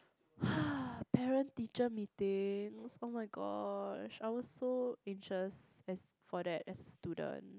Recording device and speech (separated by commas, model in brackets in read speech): close-talking microphone, conversation in the same room